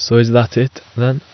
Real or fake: real